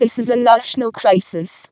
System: VC, vocoder